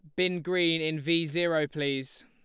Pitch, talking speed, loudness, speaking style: 165 Hz, 175 wpm, -28 LUFS, Lombard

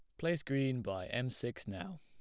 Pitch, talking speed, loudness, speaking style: 130 Hz, 200 wpm, -38 LUFS, plain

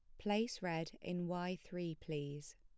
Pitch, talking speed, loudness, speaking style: 175 Hz, 150 wpm, -42 LUFS, plain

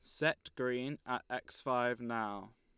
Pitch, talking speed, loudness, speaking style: 125 Hz, 150 wpm, -37 LUFS, Lombard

